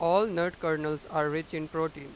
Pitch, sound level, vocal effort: 160 Hz, 97 dB SPL, loud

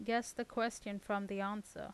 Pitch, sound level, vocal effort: 210 Hz, 83 dB SPL, normal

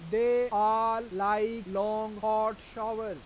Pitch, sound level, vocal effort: 215 Hz, 98 dB SPL, loud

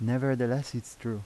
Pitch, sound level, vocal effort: 120 Hz, 83 dB SPL, soft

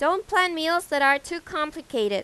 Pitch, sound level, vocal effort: 320 Hz, 93 dB SPL, loud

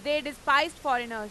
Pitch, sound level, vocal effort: 280 Hz, 102 dB SPL, very loud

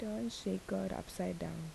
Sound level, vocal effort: 73 dB SPL, soft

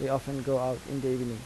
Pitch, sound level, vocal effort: 135 Hz, 83 dB SPL, normal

